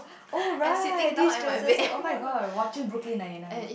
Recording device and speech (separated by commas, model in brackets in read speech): boundary microphone, conversation in the same room